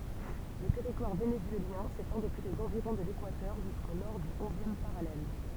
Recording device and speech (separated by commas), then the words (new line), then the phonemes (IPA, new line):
temple vibration pickup, read sentence
Le territoire vénézuélien s'étend depuis les environs de l'équateur jusqu'au nord du onzième parallèle.
lə tɛʁitwaʁ venezyeljɛ̃ setɑ̃ dəpyi lez ɑ̃viʁɔ̃ də lekwatœʁ ʒysko nɔʁ dy ɔ̃zjɛm paʁalɛl